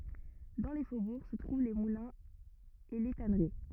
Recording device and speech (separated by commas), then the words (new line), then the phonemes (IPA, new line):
rigid in-ear microphone, read sentence
Dans les faubourgs se trouvent les moulins et les tanneries.
dɑ̃ le fobuʁ sə tʁuv le mulɛ̃z e le tanəʁi